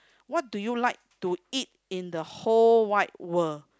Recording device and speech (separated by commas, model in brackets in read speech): close-talking microphone, conversation in the same room